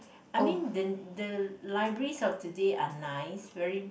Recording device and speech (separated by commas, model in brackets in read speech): boundary microphone, conversation in the same room